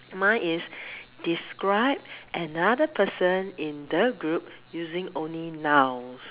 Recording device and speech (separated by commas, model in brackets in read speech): telephone, conversation in separate rooms